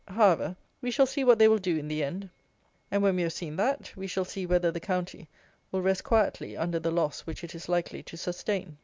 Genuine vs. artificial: genuine